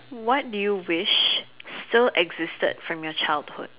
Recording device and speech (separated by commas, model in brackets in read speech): telephone, conversation in separate rooms